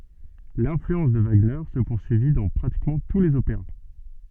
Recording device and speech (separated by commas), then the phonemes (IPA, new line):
soft in-ear microphone, read sentence
lɛ̃flyɑ̃s də vaɡnɛʁ sə puʁsyivi dɑ̃ pʁatikmɑ̃ tu lez opeʁa